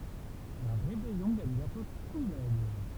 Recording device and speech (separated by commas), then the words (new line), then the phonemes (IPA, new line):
temple vibration pickup, read sentence
La rébellion gagne bientôt tout l'immeuble.
la ʁebɛljɔ̃ ɡaɲ bjɛ̃tɔ̃ tu limmøbl